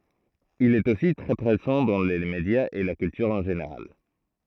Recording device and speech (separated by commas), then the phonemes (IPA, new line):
throat microphone, read sentence
il ɛt osi tʁɛ pʁezɑ̃ dɑ̃ le medjaz e la kyltyʁ ɑ̃ ʒeneʁal